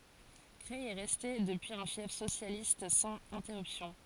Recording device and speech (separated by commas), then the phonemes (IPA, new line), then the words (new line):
forehead accelerometer, read sentence
kʁɛj ɛ ʁɛste dəpyiz œ̃ fjɛf sosjalist sɑ̃z ɛ̃tɛʁypsjɔ̃
Creil est resté depuis un fief socialiste sans interruption.